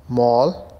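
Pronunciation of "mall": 'Mall' is pronounced correctly here, the standard British English way.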